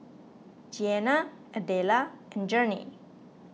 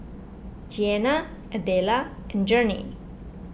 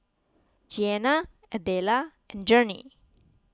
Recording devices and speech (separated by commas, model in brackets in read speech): mobile phone (iPhone 6), boundary microphone (BM630), close-talking microphone (WH20), read sentence